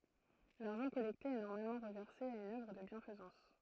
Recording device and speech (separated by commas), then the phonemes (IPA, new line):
throat microphone, read sentence
laʁʒɑ̃ kɔlɛkte ɛ nɔʁmalmɑ̃ ʁəvɛʁse a yn œvʁ də bjɛ̃fəzɑ̃s